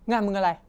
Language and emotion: Thai, angry